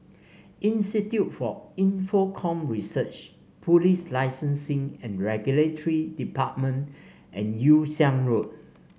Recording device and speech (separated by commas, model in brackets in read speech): mobile phone (Samsung C5), read sentence